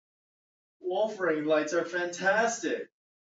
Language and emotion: English, fearful